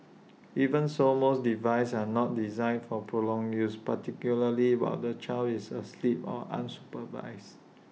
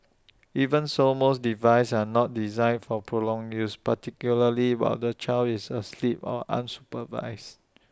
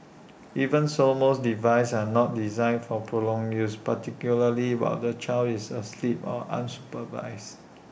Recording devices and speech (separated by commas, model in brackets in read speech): mobile phone (iPhone 6), standing microphone (AKG C214), boundary microphone (BM630), read sentence